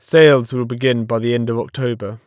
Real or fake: real